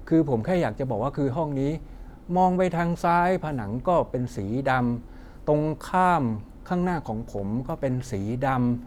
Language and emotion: Thai, frustrated